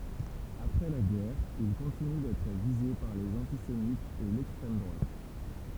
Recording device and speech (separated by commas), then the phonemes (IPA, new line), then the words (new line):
temple vibration pickup, read sentence
apʁɛ la ɡɛʁ il kɔ̃tiny dɛtʁ vize paʁ lez ɑ̃tisemitz e lɛkstʁɛm dʁwat
Après la guerre, il continue d'être visé par les antisémites et l'extrême droite.